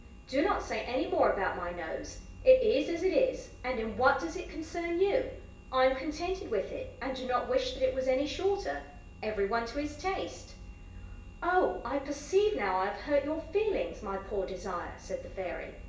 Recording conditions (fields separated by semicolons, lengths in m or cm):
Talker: one person; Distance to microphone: 1.8 m; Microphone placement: close; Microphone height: 1.0 m; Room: large; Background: none